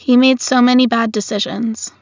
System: none